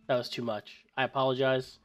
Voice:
Relaxed Voice